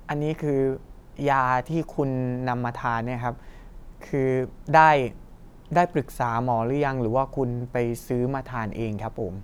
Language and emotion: Thai, frustrated